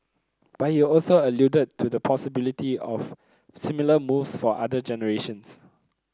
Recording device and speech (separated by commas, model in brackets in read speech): close-talking microphone (WH30), read sentence